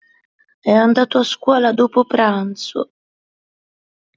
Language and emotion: Italian, sad